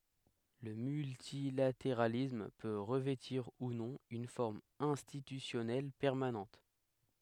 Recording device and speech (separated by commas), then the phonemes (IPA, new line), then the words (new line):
headset microphone, read sentence
lə myltilateʁalism pø ʁəvɛtiʁ u nɔ̃ yn fɔʁm ɛ̃stitysjɔnɛl pɛʁmanɑ̃t
Le multilatéralisme peut revêtir ou non une forme institutionnelle permanente.